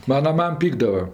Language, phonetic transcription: Lithuanian, ˈmana ˈmam ˈpykdava

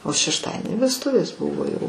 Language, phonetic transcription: Lithuanian, o šešˈtadieni vesˈtuvės ˈbuvo ˈjau

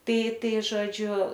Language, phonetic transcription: Lithuanian, ˈtai ˈtai žoˈdžiu

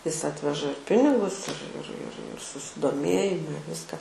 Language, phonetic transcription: Lithuanian, is ˈatveža ir ˈpinigus ir ir ir ir susidoˈmėjima i ˈviska

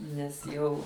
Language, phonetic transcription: Lithuanian, nes ˈjau

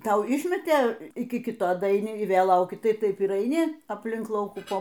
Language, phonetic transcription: Lithuanian, ˈtau ˈišmetė ˈiki ˈkito daaiˈni i ˈvėl ˈlauki ˈtai ˈtaip ir aiˈni apˈlink ˈlaukų ˈpo

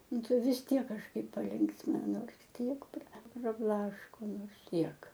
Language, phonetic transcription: Lithuanian, ˈnu ˈtai vis ˈtiek kažˈkaip paˈlinksmina ˈnors ˈkiek pra praˈblaško ˈnors ˈtiek

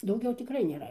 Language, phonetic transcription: Lithuanian, dauˈgiau tiˈkrai nėˈra

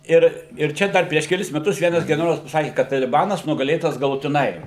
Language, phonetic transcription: Lithuanian, ir ir ˈčia ˈdar prieš keˈlis meˈtus ˈvienas geneˈrolas paˈsaki kad taliˈbanas nugaˈlėtas galutiˈnai

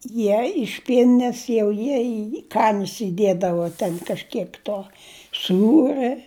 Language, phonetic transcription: Lithuanian, ˈjie iš ˈpienines jau ˈjie į ˈkanis įˈdiedavo ˈten kažˈkiek ˈto ˈsūrɜ

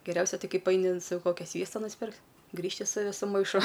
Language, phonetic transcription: Lithuanian, geˈriausia ˈtai ˈkaip aini n ˈsau ˈkokia ˈsviesta nusˈpirkt' ˈgrįžti su ˈvisu maiˈšu

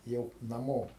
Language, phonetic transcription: Lithuanian, ˈjau naˈmo

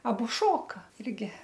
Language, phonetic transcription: Lithuanian, aˈbu ˈšoka ˈirgi

